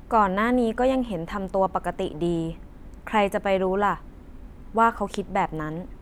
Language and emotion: Thai, neutral